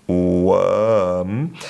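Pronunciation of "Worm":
'Worm' is said the British English way, and the R is not pronounced.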